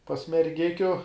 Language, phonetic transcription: Lithuanian, pas merˈgikiu

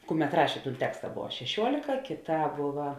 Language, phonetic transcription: Lithuanian, ˈkuˌmet ˈrašė ˈtūn ˈteksta ˈbova šeˈšiuolika kiˌtā ˈbova

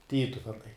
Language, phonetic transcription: Lithuanian, ˈtytuvenai

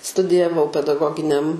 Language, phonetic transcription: Lithuanian, studijaˈvau pedaˈgoginiam

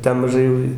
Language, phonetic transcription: Lithuanian, ˈten maˈžai jau i

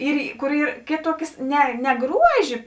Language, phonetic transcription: Lithuanian, ˈyr kur ˈyr ˈkėˌtuokės ˈne ne ˈgruožė

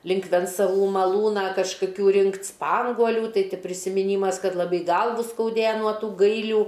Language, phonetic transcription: Lithuanian, ˈlink vencaˈvų maˈlūną kažkaˈkių ˈrinkt' ˈspanguolių ˈtai ˈti prisimiˈnymas ˈkad laˈbai ˈgalvu skauˈdėja nuo ˈtų ˈgailių

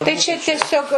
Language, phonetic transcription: Lithuanian, tai čia tieˈsiog

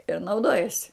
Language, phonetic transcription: Lithuanian, ir nauˈdojasi

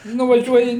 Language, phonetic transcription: Lithuanian, nuvaˈžiuoji

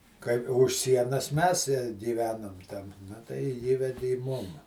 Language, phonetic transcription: Lithuanian, kai už ˈsienas ˈmes i giˈvenum ten na tai ˈįvedi i ˈmum

